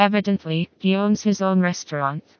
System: TTS, vocoder